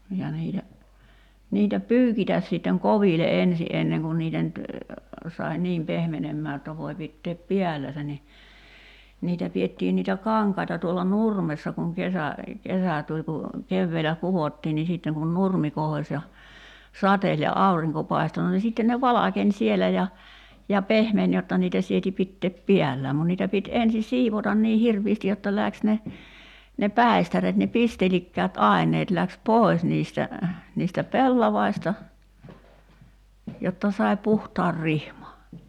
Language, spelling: Finnish, ja niitä niitä pyykitä sitten koville ensin ennen kuin niitä nyt sai niin pehmenemään jotta voi pitää päällänsä niin niitä pidettiin niitä kankaita tuolla nurmessa kun kesä kesä tuli kun keväällä kudottiin niin sitten kun nurmi kohosi ja sateli ja aurinko paistoi no niin sitten ne valkeni siellä ja ja pehmeni jotta niitä sieti pitää päällään mutta niitä piti ensin siivota niin hirveästi jotta lähti ne ne päistäreet ne pistelikkäät aineet lähti pois niistä niistä pellavista jotta sai puhtaan rihman
- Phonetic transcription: ja niitä , 'niitä "p̀yykitäs sitteŋ "kovile '’ensi ’enneŋ kun niitä nyt , sai "niim 'pehmenemmää [j]otta voi 'pitteep "piälläsä ni , 'niitä pi₍ettiin niitä "kaŋkaita tuolla "nurmessa kuŋ 'kesä , 'kesä tuĺ ku , 'kevveelä "kuvottii nii sìtteŋ kun "nurmi 'kohoś ja , 'sateĺ ja "auriŋko 'pai̬sto no ni 'sitten ne "valakeń 'sielä ja , ja "pehmen 'jotta niitä 'sieti 'pitteep "piällääm mun niitä pit 'ensi "siivotan nii 'hirviisti jotta 'läks ne , ne "pä̀i̬stäret ne 'pistelikkäät 'ài̬ǹeet läks "pòi̬s niistä , niistä 'pellavaista , 'jotta sai̬ "puhtaar 'rihma .

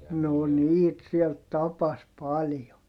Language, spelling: Finnish, no niitä siellä tapasi paljon
- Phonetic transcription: no niit siel tapas paljo .

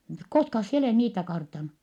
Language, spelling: Finnish, koskas sinä olet niitä kartannut
- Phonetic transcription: koskas sie olèh niitä kartanu ? »

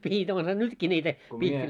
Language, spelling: Finnish, pihdit onhan nytkin niitä -
- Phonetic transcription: pihit onha 'nytkii ńiitä , pihti- .

